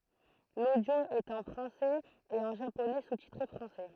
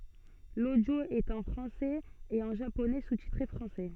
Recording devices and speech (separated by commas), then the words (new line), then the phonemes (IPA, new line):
throat microphone, soft in-ear microphone, read sentence
L'audio est en français et en japonais sous-titré français.
lodjo ɛt ɑ̃ fʁɑ̃sɛz e ɑ̃ ʒaponɛ sustitʁe fʁɑ̃sɛ